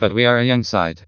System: TTS, vocoder